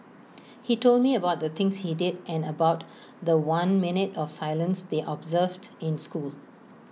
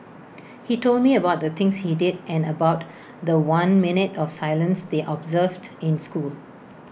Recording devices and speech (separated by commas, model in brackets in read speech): mobile phone (iPhone 6), boundary microphone (BM630), read sentence